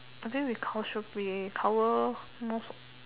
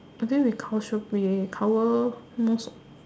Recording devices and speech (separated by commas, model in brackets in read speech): telephone, standing microphone, conversation in separate rooms